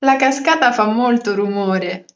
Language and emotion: Italian, happy